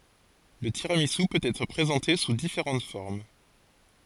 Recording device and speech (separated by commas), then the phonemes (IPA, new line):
forehead accelerometer, read sentence
lə tiʁamizy pøt ɛtʁ pʁezɑ̃te su difeʁɑ̃t fɔʁm